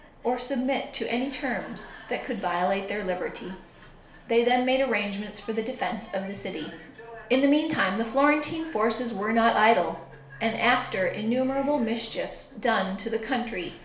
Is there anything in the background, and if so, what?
A television.